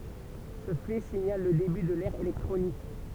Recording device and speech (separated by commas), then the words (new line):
temple vibration pickup, read sentence
Ce fait signale le début de l'ère électronique.